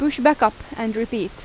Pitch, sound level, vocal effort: 230 Hz, 87 dB SPL, loud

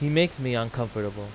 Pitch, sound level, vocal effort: 120 Hz, 89 dB SPL, loud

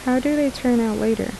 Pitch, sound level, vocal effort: 250 Hz, 77 dB SPL, soft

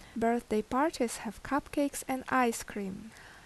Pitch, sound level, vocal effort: 240 Hz, 77 dB SPL, normal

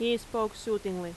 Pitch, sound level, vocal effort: 215 Hz, 87 dB SPL, very loud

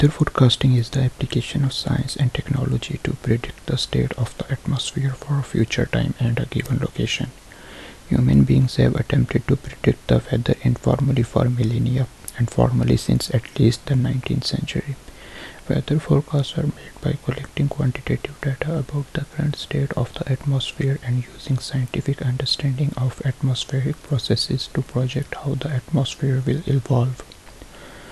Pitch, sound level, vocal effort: 135 Hz, 66 dB SPL, soft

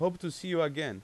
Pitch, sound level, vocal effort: 165 Hz, 91 dB SPL, loud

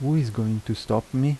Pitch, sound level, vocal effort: 115 Hz, 80 dB SPL, soft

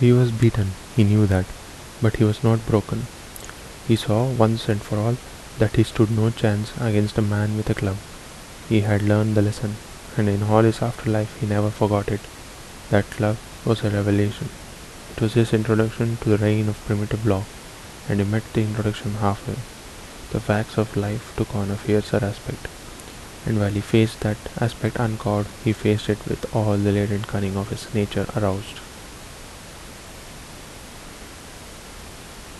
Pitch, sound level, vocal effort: 105 Hz, 72 dB SPL, soft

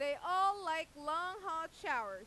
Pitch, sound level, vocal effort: 325 Hz, 102 dB SPL, very loud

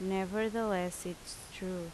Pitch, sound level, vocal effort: 190 Hz, 81 dB SPL, loud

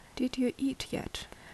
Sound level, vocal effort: 69 dB SPL, soft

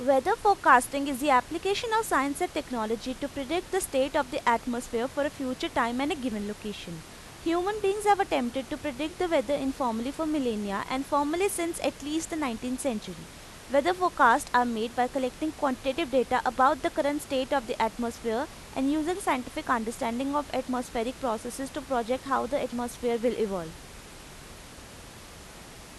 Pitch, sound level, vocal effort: 265 Hz, 89 dB SPL, loud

